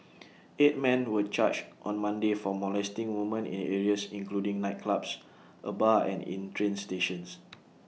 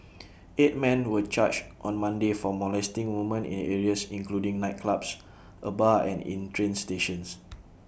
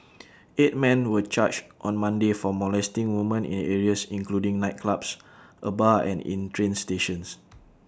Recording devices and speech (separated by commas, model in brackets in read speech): mobile phone (iPhone 6), boundary microphone (BM630), standing microphone (AKG C214), read sentence